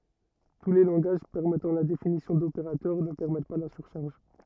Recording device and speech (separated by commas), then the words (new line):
rigid in-ear microphone, read sentence
Tous les langages permettant la définition d'opérateur ne permettent pas la surcharge.